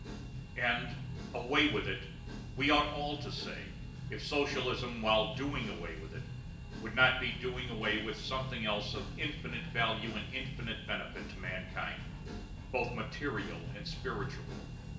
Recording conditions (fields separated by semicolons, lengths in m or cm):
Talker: one person; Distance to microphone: 1.8 m; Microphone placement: close; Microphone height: 1.0 m; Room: large; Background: music